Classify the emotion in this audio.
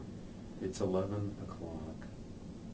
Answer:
sad